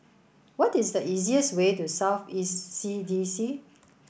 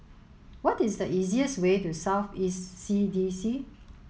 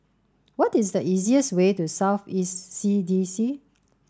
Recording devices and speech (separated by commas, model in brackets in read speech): boundary microphone (BM630), mobile phone (Samsung S8), standing microphone (AKG C214), read sentence